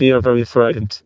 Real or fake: fake